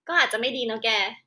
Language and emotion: Thai, frustrated